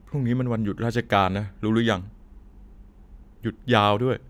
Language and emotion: Thai, frustrated